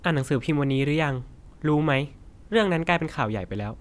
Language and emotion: Thai, neutral